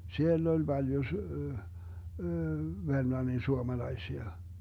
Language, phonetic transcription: Finnish, 'siell ‿oĺ 'Baljo s- , 'Vermlannin 'suomalaisia .
- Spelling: siellä oli paljon - Vermlannin suomalaisia

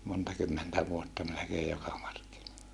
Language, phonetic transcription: Finnish, monta kymmentä vuotta melekeej joka markki(noila) .
- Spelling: monta kymmentä vuotta melkein joka markkinoilla

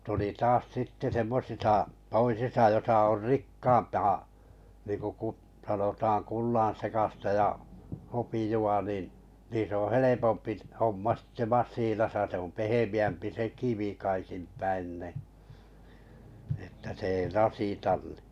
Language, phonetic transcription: Finnish, tuli 'taas 'sitte semmosisa , 'toisisa josa or "rikkaampaa , niiŋku 'kut- , sanotaan 'kullaa̰sekasta ja , 'hopiju₍a nin̬ , 'niis ‿oo̰ 'helepompi’ , 'homma sɪttᴇ 'maas̆siinasa se om 'pehemi₍ämpi se "kivi 'kaikim 'päin ni , että se ei ras̀itan ɴɪ .
- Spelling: tuli taas sitten semmoisissa toisissa jossa on rikkaampaa niin kuin - sanotaan kullansekaista ja hopeaa niin niissä on helpompi homma sitten masiinassa se on pehmeämpi se kivi kaikin päin niin että se ei rasita niin

